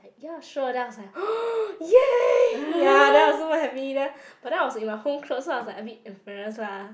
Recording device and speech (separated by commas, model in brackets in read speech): boundary microphone, conversation in the same room